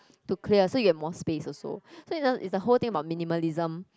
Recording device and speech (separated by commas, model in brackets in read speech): close-talking microphone, conversation in the same room